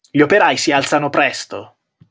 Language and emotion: Italian, angry